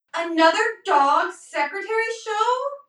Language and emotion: English, sad